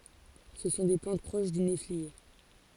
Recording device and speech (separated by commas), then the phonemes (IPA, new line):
forehead accelerometer, read sentence
sə sɔ̃ de plɑ̃t pʁoʃ dy neflie